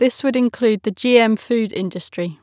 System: none